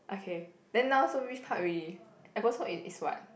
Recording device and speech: boundary microphone, conversation in the same room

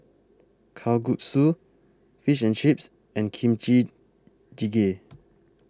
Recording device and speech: close-talking microphone (WH20), read sentence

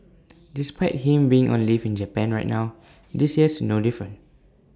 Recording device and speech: standing microphone (AKG C214), read sentence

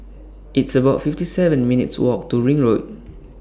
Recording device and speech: standing microphone (AKG C214), read sentence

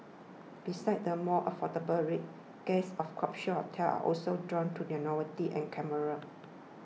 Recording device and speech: mobile phone (iPhone 6), read sentence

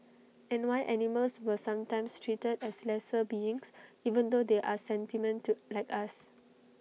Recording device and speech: mobile phone (iPhone 6), read sentence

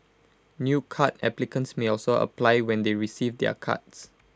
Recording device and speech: close-talking microphone (WH20), read sentence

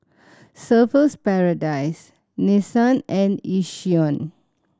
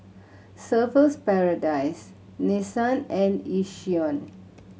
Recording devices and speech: standing microphone (AKG C214), mobile phone (Samsung C7100), read sentence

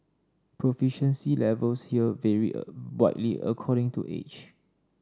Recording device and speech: standing microphone (AKG C214), read sentence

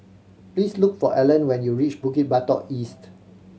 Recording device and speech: mobile phone (Samsung C7100), read sentence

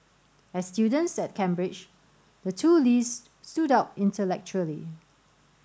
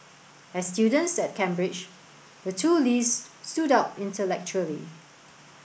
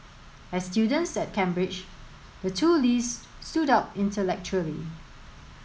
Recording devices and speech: standing microphone (AKG C214), boundary microphone (BM630), mobile phone (Samsung S8), read sentence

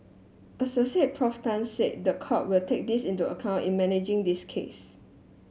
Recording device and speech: mobile phone (Samsung S8), read sentence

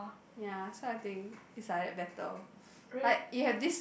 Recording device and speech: boundary microphone, conversation in the same room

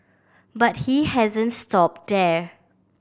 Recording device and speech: boundary microphone (BM630), read sentence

